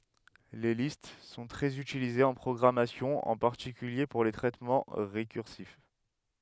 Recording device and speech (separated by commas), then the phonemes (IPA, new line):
headset microphone, read sentence
le list sɔ̃ tʁɛz ytilizez ɑ̃ pʁɔɡʁamasjɔ̃ ɑ̃ paʁtikylje puʁ le tʁɛtmɑ̃ ʁekyʁsif